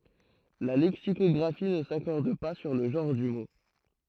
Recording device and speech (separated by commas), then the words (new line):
throat microphone, read sentence
La lexicographie ne s’accorde pas sur le genre du mot.